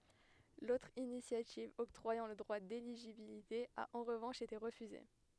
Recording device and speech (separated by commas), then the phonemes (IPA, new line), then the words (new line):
headset microphone, read sentence
lotʁ inisjativ ɔktʁwajɑ̃ lə dʁwa deliʒibilite a ɑ̃ ʁəvɑ̃ʃ ete ʁəfyze
L'autre initiative octroyant le droit d'éligibilité a en revanche été refusée.